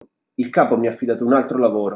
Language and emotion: Italian, angry